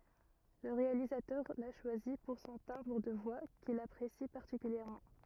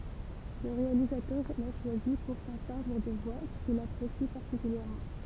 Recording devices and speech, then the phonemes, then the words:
rigid in-ear microphone, temple vibration pickup, read sentence
lə ʁealizatœʁ la ʃwazi puʁ sɔ̃ tɛ̃bʁ də vwa kil apʁesi paʁtikyljɛʁmɑ̃
Le réalisateur l'a choisi pour son timbre de voix qu'il apprécie particulièrement.

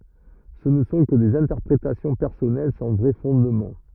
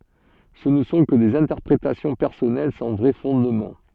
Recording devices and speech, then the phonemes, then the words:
rigid in-ear microphone, soft in-ear microphone, read sentence
sə nə sɔ̃ kə dez ɛ̃tɛʁpʁetasjɔ̃ pɛʁsɔnɛl sɑ̃ vʁɛ fɔ̃dmɑ̃
Ce ne sont que des interprétations personnelles sans vrai fondement.

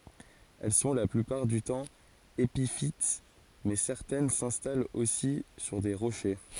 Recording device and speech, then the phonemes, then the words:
forehead accelerometer, read sentence
ɛl sɔ̃ la plypaʁ dy tɑ̃ epifit mɛ sɛʁtɛn sɛ̃stalt osi syʁ de ʁoʃe
Elles sont, la plupart du temps, épiphytes mais certaines s'installent aussi sur des rochers.

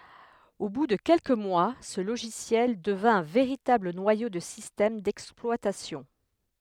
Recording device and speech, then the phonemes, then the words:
headset microphone, read sentence
o bu də kɛlkə mwa sə loʒisjɛl dəvɛ̃ œ̃ veʁitabl nwajo də sistɛm dɛksplwatasjɔ̃
Au bout de quelques mois, ce logiciel devint un véritable noyau de système d'exploitation.

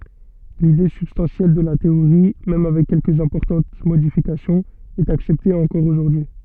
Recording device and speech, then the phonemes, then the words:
soft in-ear microphone, read sentence
lide sybstɑ̃sjɛl də la teoʁi mɛm avɛk kɛlkəz ɛ̃pɔʁtɑ̃t modifikasjɔ̃z ɛt aksɛpte ɑ̃kɔʁ oʒuʁdyi
L’idée substantielle de la théorie, même avec quelques importantes modifications est acceptée encore aujourd’hui.

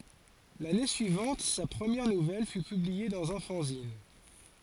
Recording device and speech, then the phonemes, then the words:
forehead accelerometer, read sentence
lane syivɑ̃t sa pʁəmjɛʁ nuvɛl fy pyblie dɑ̃z œ̃ fɑ̃zin
L'année suivante sa première nouvelle fut publiée dans un fanzine.

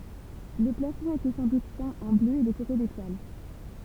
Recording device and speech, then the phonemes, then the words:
temple vibration pickup, read sentence
lə plafɔ̃ etɛ sɑ̃ dut pɛ̃ ɑ̃ blø e dekoʁe detwal
Le plafond était sans doute peint en bleu et décoré d’étoiles.

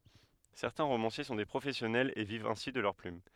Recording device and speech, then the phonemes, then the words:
headset microphone, read sentence
sɛʁtɛ̃ ʁomɑ̃sje sɔ̃ de pʁofɛsjɔnɛlz e vivt ɛ̃si də lœʁ plym
Certains romanciers sont des professionnels et vivent ainsi de leur plume.

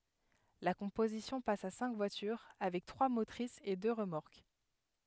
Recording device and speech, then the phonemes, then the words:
headset microphone, read sentence
la kɔ̃pozisjɔ̃ pas a sɛ̃k vwatyʁ avɛk tʁwa motʁisz e dø ʁəmɔʁk
La composition passe à cinq voitures, avec trois motrices et deux remorques.

